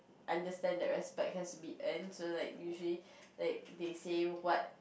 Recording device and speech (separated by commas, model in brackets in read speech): boundary microphone, conversation in the same room